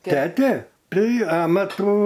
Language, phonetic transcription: Lithuanian, ˈtete ˈpreiˈamatų

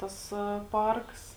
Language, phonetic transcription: Lithuanian, ˈtas ˈparks

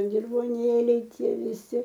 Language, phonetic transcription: Lithuanian, dirvoˈnėliai ˈtie viˈsi

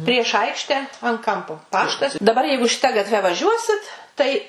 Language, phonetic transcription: Lithuanian, prieš ˈaikšte an ˈkampo ˈpaštas daˈbar ˈjeigu šiˈta gatˈve vaˈžiuosit tai

